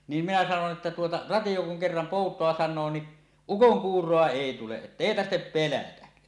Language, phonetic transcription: Finnish, niim minä sanon ’että tuota , » 'ratiʲo kuŋ kerram "pòut̀oa 'san̆noo ni , "ukoŋkuur̀oa "èi 'tuleˀ "ˀettèi 'tarhtep pelätä « .
- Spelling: niin minä sanon että tuota radio kun kerran poutaa sanoo niin ukonkuuroa ei tule että ei tarvitse pelätä

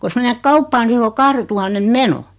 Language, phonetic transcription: Finnish, kos 'menek "kauppaa ni se o 'kahretuhannem "meno .
- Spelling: kun menet kauppaan niin se on kahdentuhannen meno

